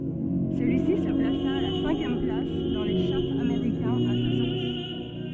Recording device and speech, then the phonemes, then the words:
soft in-ear microphone, read sentence
səlyisi sə plasa a la sɛ̃kjɛm plas dɑ̃ le ʃaʁz ameʁikɛ̃z a sa sɔʁti
Celui-ci se plaça à la cinquième place dans les charts américains à sa sortie.

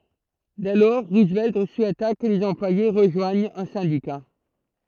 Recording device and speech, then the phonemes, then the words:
throat microphone, read sentence
dɛ lɔʁ ʁuzvɛlt suɛta kə lez ɑ̃plwaje ʁəʒwaɲt œ̃ sɛ̃dika
Dès lors, Roosevelt souhaita que les employés rejoignent un syndicat.

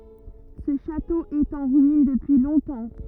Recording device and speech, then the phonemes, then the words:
rigid in-ear microphone, read sentence
sə ʃato ɛt ɑ̃ ʁyin dəpyi lɔ̃tɑ̃
Ce château est en ruines depuis longtemps.

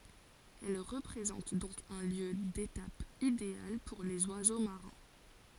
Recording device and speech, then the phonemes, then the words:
forehead accelerometer, read sentence
ɛl ʁəpʁezɑ̃t dɔ̃k œ̃ ljø detap ideal puʁ lez wazo maʁɛ̃
Elle représente donc un lieu d’étape idéal pour les oiseaux marins.

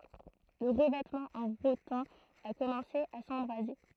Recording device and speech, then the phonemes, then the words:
throat microphone, read sentence
lə ʁəvɛtmɑ̃ ɑ̃ ʁotɛ̃ a kɔmɑ̃se a sɑ̃bʁaze
Le revêtement en rotin a commencé à s'embraser.

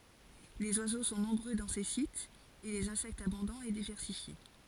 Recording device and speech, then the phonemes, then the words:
forehead accelerometer, read sentence
lez wazo sɔ̃ nɔ̃bʁø dɑ̃ se sitz e lez ɛ̃sɛktz abɔ̃dɑ̃z e divɛʁsifje
Les oiseaux sont nombreux dans ces sites et les insectes abondants et diversifiés.

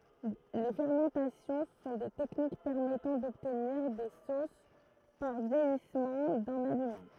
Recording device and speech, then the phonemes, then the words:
throat microphone, read sentence
le fɛʁmɑ̃tasjɔ̃ sɔ̃ de tɛknik pɛʁmɛtɑ̃ dɔbtniʁ de sos paʁ vjɛjismɑ̃ dœ̃n alimɑ̃
Les fermentations sont des techniques permettant d'obtenir des sauces par vieillissement d'un aliment.

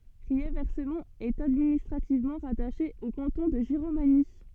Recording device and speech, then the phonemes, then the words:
soft in-ear microphone, read sentence
ʁiɛʁvɛsmɔ̃t ɛt administʁativmɑ̃ ʁataʃe o kɑ̃tɔ̃ də ʒiʁomaɲi
Riervescemont est administrativement rattachée au canton de Giromagny.

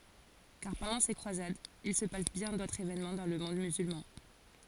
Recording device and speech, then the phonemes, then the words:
forehead accelerometer, read sentence
kaʁ pɑ̃dɑ̃ se kʁwazadz il sə pas bjɛ̃ dotʁz evenmɑ̃ dɑ̃ lə mɔ̃d myzylmɑ̃
Car, pendant ces croisades, il se passe bien d'autres événements dans le monde musulman.

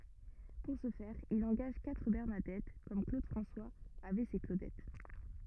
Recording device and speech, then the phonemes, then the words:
rigid in-ear microphone, read sentence
puʁ sə fɛʁ il ɑ̃ɡaʒ katʁ bɛʁnadɛt kɔm klod fʁɑ̃swaz avɛ se klodɛt
Pour ce faire, il engage quatre Bernadettes, comme Claude François avait ses Claudettes.

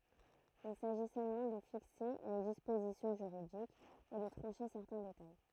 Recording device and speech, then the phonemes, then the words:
throat microphone, read sentence
il saʒi sølmɑ̃ də fikse le dispozisjɔ̃ ʒyʁidikz e də tʁɑ̃ʃe sɛʁtɛ̃ detaj
Il s'agit seulement de fixer les dispositions juridiques et de trancher certains détails.

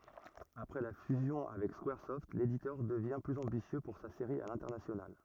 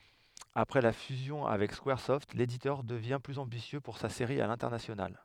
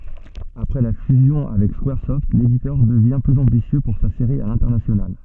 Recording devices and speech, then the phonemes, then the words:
rigid in-ear microphone, headset microphone, soft in-ear microphone, read sentence
apʁɛ la fyzjɔ̃ avɛk skwaʁsɔft leditœʁ dəvjɛ̃ plyz ɑ̃bisjø puʁ sa seʁi a lɛ̃tɛʁnasjonal
Après la fusion avec Squaresoft, l'éditeur devient plus ambitieux pour sa série à l'international.

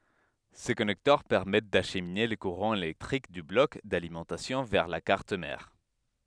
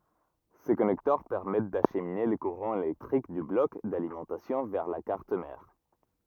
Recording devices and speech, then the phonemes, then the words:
headset microphone, rigid in-ear microphone, read sentence
se kɔnɛktœʁ pɛʁmɛt daʃmine lə kuʁɑ̃ elɛktʁik dy blɔk dalimɑ̃tasjɔ̃ vɛʁ la kaʁt mɛʁ
Ces connecteurs permettent d'acheminer le courant électrique du bloc d'alimentation vers la carte mère.

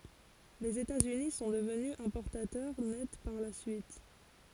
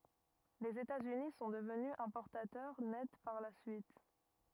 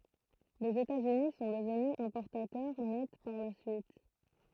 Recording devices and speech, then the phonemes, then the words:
forehead accelerometer, rigid in-ear microphone, throat microphone, read sentence
lez etatsyni sɔ̃ dəvny ɛ̃pɔʁtatœʁ nɛt paʁ la syit
Les États-Unis sont devenus importateurs nets par la suite.

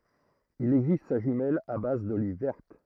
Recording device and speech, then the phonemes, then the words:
throat microphone, read sentence
il ɛɡzist sa ʒymɛl a baz doliv vɛʁt
Il existe sa jumelle à base d'olives vertes.

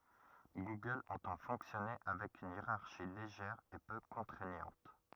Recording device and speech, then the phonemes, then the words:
rigid in-ear microphone, read sentence
ɡuɡœl ɑ̃tɑ̃ fɔ̃ksjɔne avɛk yn jeʁaʁʃi leʒɛʁ e pø kɔ̃tʁɛɲɑ̃t
Google entend fonctionner avec une hiérarchie légère et peu contraignante.

